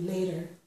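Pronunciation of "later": In 'later', the t sounds like a d.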